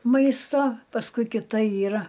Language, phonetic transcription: Lithuanian, ˈmaisto pasˈkui kiˈta ˈyra

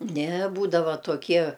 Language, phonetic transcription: Lithuanian, ne ˈbūdava toˈkie

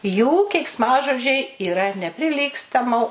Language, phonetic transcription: Lithuanian, jų keiksˈmažodžiai yˈra nepriˈlygstamo

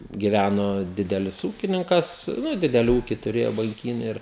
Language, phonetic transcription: Lithuanian, giˈvæno ˈdidelis ˈūkininkas ˈnu ˈdideli ūki turėjo banˈkynė ˈir

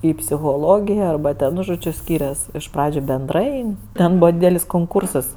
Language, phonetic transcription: Lithuanian, i psichoˈlogija arˈba ten ˈnu ˈžodžiu ˈskyrias iš ˈpradžiu benˈdrai ˈten ˈbūva ˈdydelis konˈkūrsas

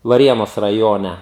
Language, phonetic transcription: Lithuanian, vaˈrienos raˈjone

